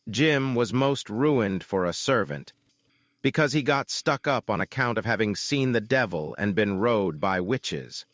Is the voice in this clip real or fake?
fake